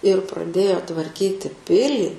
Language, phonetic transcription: Lithuanian, ir praˈdėjo tvarˈkyti ˈpilį

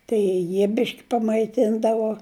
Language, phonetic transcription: Lithuanian, tai ˈjie ˈbiški pamaiˈtindavo

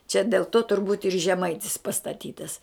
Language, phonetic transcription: Lithuanian, čia dėl ˈto turˈbūt ir žeˈmaitis pastaˈtytas

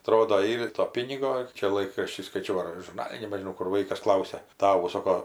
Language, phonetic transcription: Lithuanian, aˈtrodo ˈyr ir to ˈpynigo ˈčia ˈlaikrašty skaiˈčiau ar žurˈnali nebežiˈnau ˈkur ˈvaikas ˈklausia ˈtavu ˈsoko

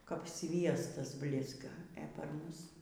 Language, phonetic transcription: Lithuanian, kap ˈsviestas ˈblizga e par ˈmus

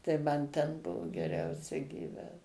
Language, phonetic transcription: Lithuanian, tai ˈman ten ˈbuvo geˈriausia gyˈvęt

